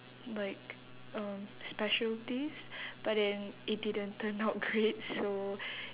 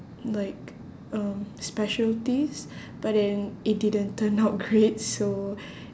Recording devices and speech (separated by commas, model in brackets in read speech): telephone, standing microphone, conversation in separate rooms